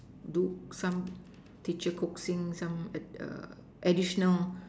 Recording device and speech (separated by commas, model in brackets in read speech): standing microphone, conversation in separate rooms